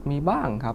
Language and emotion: Thai, frustrated